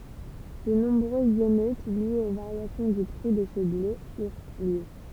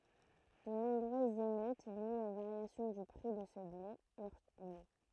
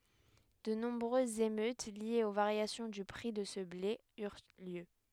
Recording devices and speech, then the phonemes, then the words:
temple vibration pickup, throat microphone, headset microphone, read sentence
də nɔ̃bʁøzz emøt ljez o vaʁjasjɔ̃ dy pʁi də sə ble yʁ ljø
De nombreuses émeutes liées aux variations du prix de ce blé eurent lieu.

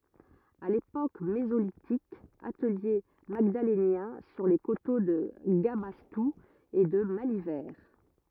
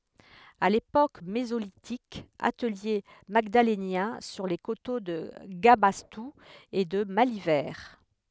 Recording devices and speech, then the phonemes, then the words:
rigid in-ear microphone, headset microphone, read sentence
a lepok mezolitik atəlje maɡdalenjɛ̃ syʁ le koto də ɡabastu e də malivɛʁ
À l’époque mésolithique, atelier magdalénien sur les coteaux de Gabastou et de Malivert.

